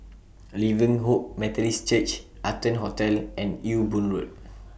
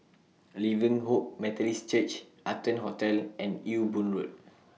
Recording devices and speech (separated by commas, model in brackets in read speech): boundary microphone (BM630), mobile phone (iPhone 6), read sentence